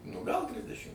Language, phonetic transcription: Lithuanian, nu gal ˈdvidešim

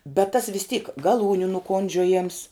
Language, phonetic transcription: Lithuanian, bet tas vis tyk gaˈlūniu nuˈkondžiojems

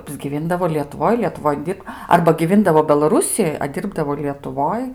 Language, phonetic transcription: Lithuanian, apsgiˈvyndavo lietuˈvoj lietuˈvoj ˈdirb arba giˈvyndavo belaˈrusijoj a ˈdyrbdavo lietuˈvoj

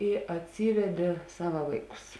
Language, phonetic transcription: Lithuanian, i atˈsyvedė ˈsava ˈvaiˌkus

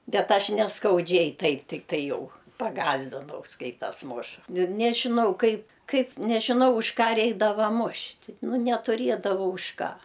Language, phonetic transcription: Lithuanian, ˈbet ˈaš neskauˈdžiai ˈtaip tikˈtai ˈjau paˈgąsdinau ˈskaitas ˈmuš ni nežiˈnau ˈkai ˈkaip nežiˈnau už ˈką ˈreikdava ˈmušt' nu netuˈriedavau už ˈką

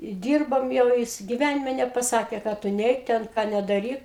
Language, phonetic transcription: Lithuanian, i ˈdyrbom jau ˈjis giˈvænime nepaˈsakė ka ˈtu ˈneik ˈten ˈką nedaˈryk

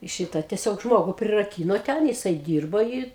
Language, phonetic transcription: Lithuanian, ˈšyta teˈsiog ˈžmogu priraˈkyno ˈten jiˈsai ˈdyrbo i

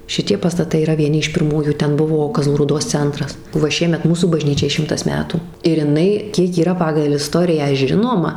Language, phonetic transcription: Lithuanian, šiˈtie pastaˈtai yˈra vieˈni iš pirˈmųjų ˈten ˈbuvo kaˈzlų rūˈdos ˈcentras va ˈšiemet ˈmūsų baˈžnyčiai ˈšimtas ˈmetų ir iˈnai ˈkiek yˈra pagal iˈstoriją ˈžinoma

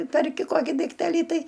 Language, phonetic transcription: Lithuanian, perˈki ˈkoki daikˈtelį ˈtai

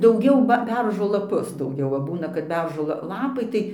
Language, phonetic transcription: Lithuanian, dauˈgiau ba ˈberžo laˈpus dauˈgiau va ˈbūna kad ˈberžo ˈlapai tai

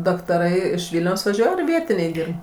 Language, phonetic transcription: Lithuanian, daktaˈrai iš ˈvilniaus vaˈžiuoj ar ˈvietiniai ˈdyrb

